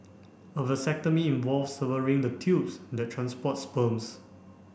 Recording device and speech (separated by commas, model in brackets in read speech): boundary microphone (BM630), read sentence